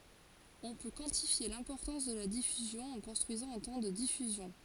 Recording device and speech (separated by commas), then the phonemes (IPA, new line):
forehead accelerometer, read sentence
ɔ̃ pø kwɑ̃tifje lɛ̃pɔʁtɑ̃s də la difyzjɔ̃ ɑ̃ kɔ̃stʁyizɑ̃ œ̃ tɑ̃ də difyzjɔ̃